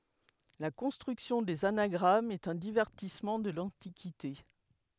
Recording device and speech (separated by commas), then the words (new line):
headset microphone, read sentence
La construction des anagrammes est un divertissement de l'Antiquité.